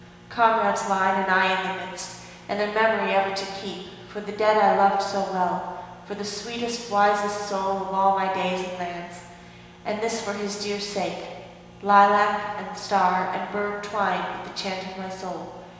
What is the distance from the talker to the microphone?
1.7 m.